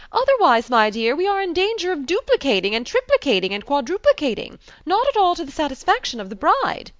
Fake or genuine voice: genuine